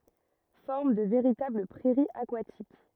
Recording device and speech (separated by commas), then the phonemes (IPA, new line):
rigid in-ear microphone, read sentence
fɔʁm də veʁitabl pʁɛʁiz akwatik